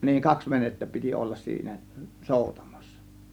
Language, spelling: Finnish, niin kaksi venettä piti olla siinä soutamassa
- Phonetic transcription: niiŋ "kaks 'venettä piti 'ollas siinä , "sòutAMAssA .

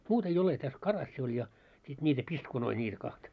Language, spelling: Finnish, muuta ei ole tässä karassi oli ja sitten niitä piskunoita niitä kahta
- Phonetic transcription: 'muut ‿ei ole täs , 'karassi oĺ ja , sit ńiitä "piskunoi ńiitä kahta .

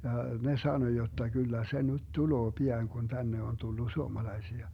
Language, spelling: Finnish, ja ne sanoi jotta kyllä se nyt tulee pian kun tänne on tullut suomalaisia
- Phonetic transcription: ja , 'ne 'sano jotta » 'kyllä se 'nyt "tuloo "pi₍aŋ kun 'tänne on 'tullu 'suomalaisia » .

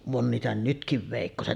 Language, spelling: Finnish, on niitä nytkin veikkoset
- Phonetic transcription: 'on niitä 'nytkiv vèikkoset .

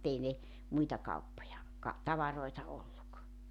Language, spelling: Finnish, mutta ei ne muita kauppoja ka tavaroita ollut
- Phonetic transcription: mu't ‿ei 'ne , 'muita 'kauppoja , ka , 'tavaroita olluk .

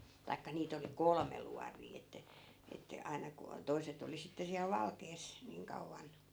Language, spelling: Finnish, tai niitä oli kolme luotia että että aina kun - toiset oli sitten siellä valkeassa niin kauan
- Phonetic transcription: taikka 'niit ‿oli "kolme luarii että , että , 'ai̮na ku o- , 'toi̮set ‿oli sitte siäl 'valkees , 'niiŋ kauvvan .

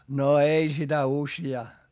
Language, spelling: Finnish, no ei sitä useaan
- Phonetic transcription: no ei sitä usjaa .

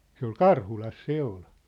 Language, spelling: Finnish, se oli Karhulassa se oli
- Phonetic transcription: se ‿ol "Karhulas 'se ‿ol .

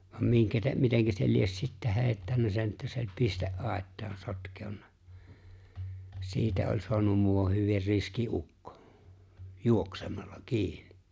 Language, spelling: Finnish, vaan minkä - miten se lie sitten heittänyt sen että se oli - pisteaitaan sotkeutunut siitä oli saanut muuan hyvin riski ukko juoksemalla kiinni
- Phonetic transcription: vam 'miŋkä tä- 'miteŋkä se lies sittä 'heeⁱttännä sen että se oĺ 'piste’- '’àet̆taan 'sotkèu̬nnᴀ , 'siitä oĺ 'soanum muuwah̆ 'hyvir 'riski '’ukkᴏ , "juoksemallᴀ , "kiinɪ .

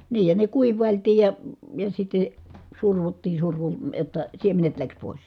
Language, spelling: Finnish, niin ja ne kuivailtiin ja ja sitten survottiin - jotta siemenet lähti pois
- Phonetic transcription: niij ja ne kuiv̆vàiltiij ja , ja sitte , survuttii survu- , jotta , siemenet läks pòis .

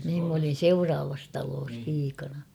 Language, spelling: Finnish, niin minä olin seuraavassa talossa piikana
- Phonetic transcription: niim m ‿olin̬ "seuraavas taloos 'piikana .

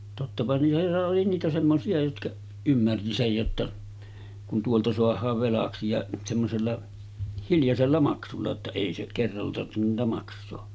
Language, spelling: Finnish, tottapa niitä oli niitä semmoisia jotka ymmärsi sen jotta kun tuolta saadaan velaksi ja semmoisella hiljaisella maksulla jotta ei se kerralla tarvinnut niitä maksaa
- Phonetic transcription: tottapa niitä oli niitä 'semmosi₍a jotkaˀ , 'ymmärti sej jotta , kun tuolta 'soah̆haav 'velaksi ja semmosella , 'hiljasella maksulla ‿tta 'èi se , kerralla tarttenun niitä maks̆soo .

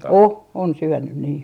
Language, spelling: Finnish, on on syönyt niin
- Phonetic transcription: "o , on 'syönnyn nii .

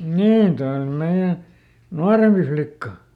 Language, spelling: Finnish, niin tuo on meidän nuorempi flikka
- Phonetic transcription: "niin , ˈtoiʲ ‿ol ˈmeiʲä , "nuarempi ˈflikka .

